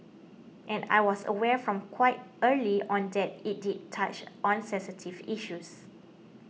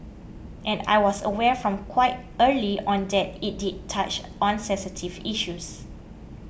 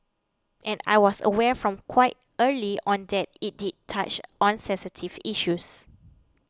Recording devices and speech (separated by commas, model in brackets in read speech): mobile phone (iPhone 6), boundary microphone (BM630), close-talking microphone (WH20), read sentence